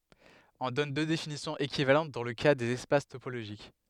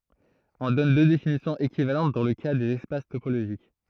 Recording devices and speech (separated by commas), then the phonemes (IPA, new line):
headset microphone, throat microphone, read sentence
ɔ̃ dɔn dø definisjɔ̃z ekivalɑ̃t dɑ̃ lə ka dez ɛspas topoloʒik